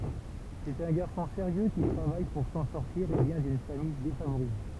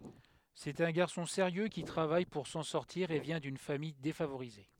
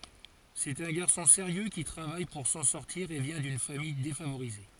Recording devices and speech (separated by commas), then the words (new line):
temple vibration pickup, headset microphone, forehead accelerometer, read sentence
C'est un garçon sérieux qui travaille pour s’en sortir et vient d’une famille défavorisée.